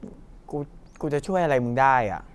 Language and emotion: Thai, frustrated